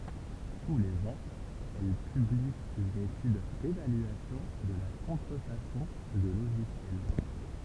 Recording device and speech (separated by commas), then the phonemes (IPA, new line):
temple vibration pickup, read sentence
tu lez ɑ̃z ɛl pybli yn etyd devalyasjɔ̃ də la kɔ̃tʁəfasɔ̃ də loʒisjɛl